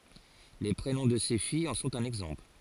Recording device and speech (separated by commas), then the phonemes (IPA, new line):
forehead accelerometer, read sentence
le pʁenɔ̃ də se fijz ɑ̃ sɔ̃t œ̃n ɛɡzɑ̃pl